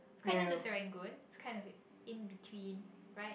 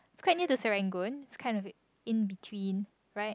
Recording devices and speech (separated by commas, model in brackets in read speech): boundary microphone, close-talking microphone, conversation in the same room